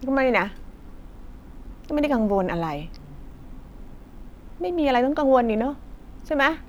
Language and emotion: Thai, frustrated